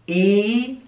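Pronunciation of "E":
The vowel 'ee' is said long: it is the long sound, not the shorter 'i' sound.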